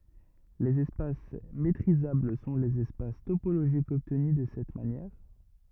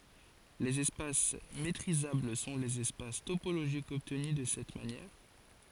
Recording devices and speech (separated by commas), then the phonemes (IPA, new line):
rigid in-ear microphone, forehead accelerometer, read sentence
lez ɛspas metʁizabl sɔ̃ lez ɛspas topoloʒikz ɔbtny də sɛt manjɛʁ